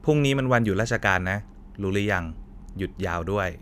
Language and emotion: Thai, neutral